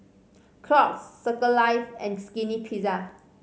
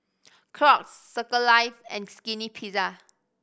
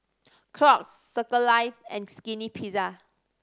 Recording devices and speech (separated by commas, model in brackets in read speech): mobile phone (Samsung C5010), boundary microphone (BM630), standing microphone (AKG C214), read sentence